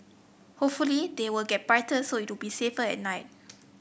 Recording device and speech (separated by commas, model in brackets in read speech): boundary microphone (BM630), read sentence